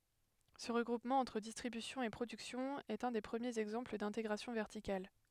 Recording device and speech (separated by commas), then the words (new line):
headset microphone, read sentence
Ce regroupement entre distribution et production est un des premiers exemples d'intégration verticale.